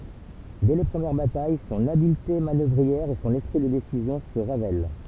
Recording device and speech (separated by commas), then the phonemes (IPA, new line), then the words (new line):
temple vibration pickup, read sentence
dɛ le pʁəmjɛʁ bataj sɔ̃n abilte manœvʁiɛʁ e sɔ̃n ɛspʁi də desizjɔ̃ sə ʁevɛl
Dès les premières batailles, son habileté manœuvrière et son esprit de décision se révèlent.